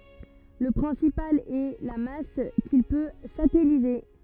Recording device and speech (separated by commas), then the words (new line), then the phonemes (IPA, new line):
rigid in-ear microphone, read sentence
Le principal est la masse qu'il peut satelliser.
lə pʁɛ̃sipal ɛ la mas kil pø satɛlize